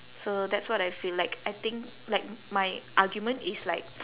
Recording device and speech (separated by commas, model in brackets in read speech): telephone, conversation in separate rooms